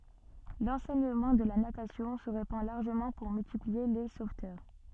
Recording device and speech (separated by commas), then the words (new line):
soft in-ear microphone, read sentence
L'enseignement de la natation se répand largement pour multiplier les sauveteurs.